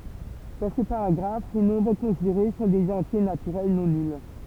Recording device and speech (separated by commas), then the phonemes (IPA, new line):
temple vibration pickup, read sentence
dɑ̃ sə paʁaɡʁaf le nɔ̃bʁ kɔ̃sideʁe sɔ̃ dez ɑ̃tje natyʁɛl nɔ̃ nyl